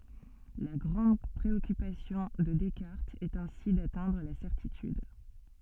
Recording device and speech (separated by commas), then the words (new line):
soft in-ear microphone, read sentence
La grande préoccupation de Descartes est ainsi d'atteindre la certitude.